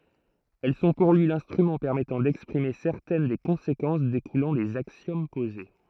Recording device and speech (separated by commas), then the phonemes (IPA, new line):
throat microphone, read sentence
ɛl sɔ̃ puʁ lyi lɛ̃stʁymɑ̃ pɛʁmɛtɑ̃ dɛkspʁime sɛʁtɛn de kɔ̃sekɑ̃s dekulɑ̃ dez aksjom poze